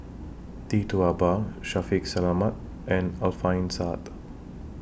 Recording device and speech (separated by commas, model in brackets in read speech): boundary microphone (BM630), read sentence